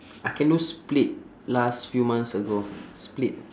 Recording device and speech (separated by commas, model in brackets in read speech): standing microphone, conversation in separate rooms